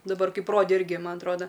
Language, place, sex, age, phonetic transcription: Lithuanian, Aukštaitija, female, 18-60, daˈbar ˈkaip ˈrodė ˈirgi ˈman atˈroda

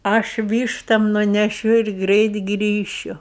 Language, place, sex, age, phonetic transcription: Lithuanian, Aukštaitija, female, 60+, ˈaš ˈvyštam nuneˈšiu ir ˈgreit ˈgrįšiu

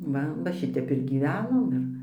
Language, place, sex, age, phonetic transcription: Lithuanian, Dzūkija, female, 60+, ˈva va ˈšitep ir gyˈvenom ˈir

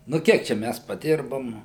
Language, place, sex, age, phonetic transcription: Lithuanian, Suvalkija, male, 60+, nu ˈkiek ˈčia ˈmæs padirbom

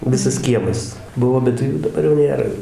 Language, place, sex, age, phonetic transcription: Lithuanian, Dzūkija, male, 60+, ˈvisas ˈkiemas ˈbuvo ˈbet jų daˈbar jau ˈnėra

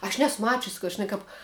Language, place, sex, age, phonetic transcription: Lithuanian, Žemaitija, female, 18-60, aš ˈnesu ˈmačius ka žiˈnai kap

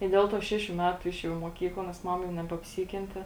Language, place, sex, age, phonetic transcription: Lithuanian, Žemaitija, female, 18-60, i ˈdėl ˌtuo ˈšešiu ˈmetu ˈišėˌjau i muoˈkykla nes ˈmama nebeapˈsykente

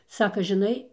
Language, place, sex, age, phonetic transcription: Lithuanian, Dzūkija, female, 60+, ˈsaka žiˈnai

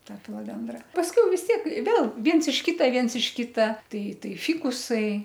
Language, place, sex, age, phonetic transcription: Lithuanian, Aukštaitija, female, 60+, ˈta filoˈdendra pasˈkiau vis ˈtiek ˈvėl ˈviens iš ˈkyta ˈviens iš ˈkita ˈtai ˈtai ˈfikusai

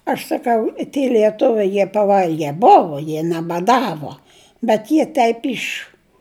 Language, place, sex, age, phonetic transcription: Lithuanian, Žemaitija, female, 60+, aš saˈkau i tie lieˈtuviai jie paˈvalge ˈbovo jie nebaˈdavo bet ˈjie ˈteip ˈiš

